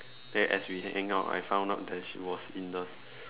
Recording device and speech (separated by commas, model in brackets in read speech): telephone, conversation in separate rooms